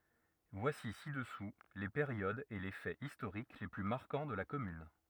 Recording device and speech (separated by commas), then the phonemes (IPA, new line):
rigid in-ear microphone, read sentence
vwasi sidəsu le peʁjodz e le fɛz istoʁik le ply maʁkɑ̃ də la kɔmyn